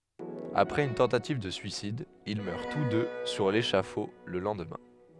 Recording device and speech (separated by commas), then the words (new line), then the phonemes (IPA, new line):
headset microphone, read sentence
Après une tentative de suicide, ils meurent tous deux sur l'échafaud le lendemain.
apʁɛz yn tɑ̃tativ də syisid il mœʁ tus dø syʁ leʃafo lə lɑ̃dmɛ̃